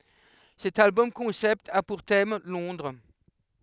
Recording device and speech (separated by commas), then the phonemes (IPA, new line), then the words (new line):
headset microphone, read sentence
sɛt albɔm kɔ̃sɛpt a puʁ tɛm lɔ̃dʁ
Cet album-concept a pour thème Londres.